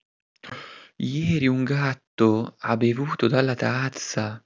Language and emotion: Italian, surprised